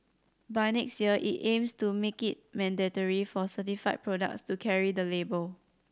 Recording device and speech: standing microphone (AKG C214), read sentence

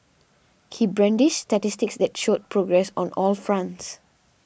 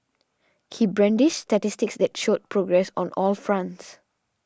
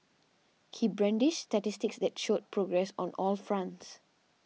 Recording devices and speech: boundary microphone (BM630), standing microphone (AKG C214), mobile phone (iPhone 6), read sentence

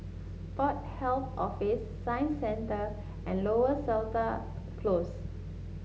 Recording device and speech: mobile phone (Samsung S8), read sentence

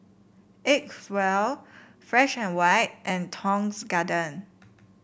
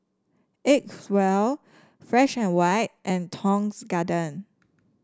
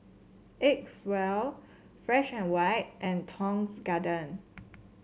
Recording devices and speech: boundary microphone (BM630), standing microphone (AKG C214), mobile phone (Samsung C7), read sentence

